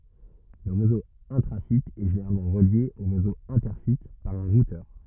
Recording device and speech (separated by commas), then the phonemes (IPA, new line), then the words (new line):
rigid in-ear microphone, read sentence
lə ʁezo ɛ̃tʁazit ɛ ʒeneʁalmɑ̃ ʁəlje o ʁezo ɛ̃tɛʁsit paʁ œ̃ ʁutœʁ
Le réseau intra-site est généralement relié au réseau inter-site par un routeur.